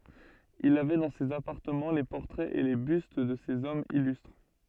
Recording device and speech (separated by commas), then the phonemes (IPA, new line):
soft in-ear microphone, read sentence
il avɛ dɑ̃ sez apaʁtəmɑ̃ le pɔʁtʁɛz e le byst də sez ɔmz ilystʁ